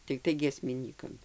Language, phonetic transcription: Lithuanian, tikˈtai giesmiˈnykam

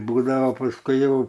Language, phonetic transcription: Lithuanian, ˈbūdavo pasˈkui ˈjau

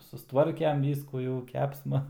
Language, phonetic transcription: Lithuanian, susˈtvarkem ˈvyskų jau ˈkepsma

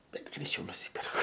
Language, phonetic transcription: Lithuanian, ˈbet greiˈčiau nuˈsyperku

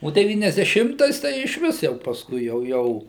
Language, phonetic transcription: Lithuanian, o deˌvyniasdeˈšimtais tai išˈvis jau pasˈkui jau ˈjau

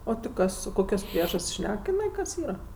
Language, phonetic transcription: Lithuanian, ˈo ti ˈkas o ˈkokios ˈpriežast's' ˈšnek iˈnai kas ˈyra

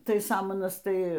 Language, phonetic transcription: Lithuanian, ˈtai ˈsamanas ˈtai

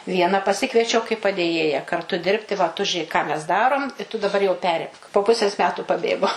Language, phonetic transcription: Lithuanian, ˈviena paˈsikviečiau kai padėˈjėja karˈtu ˈdirbti va tu žiuˈėk ką mes ˈdarom i tu daˈbar jau ˈperimk po ˈpusės ˈmetų paˈbėgo

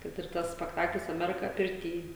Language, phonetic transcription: Lithuanian, kad ir ˈtas spekˈtaklis aˈmerika pirˈty

